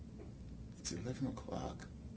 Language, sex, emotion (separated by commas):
English, male, neutral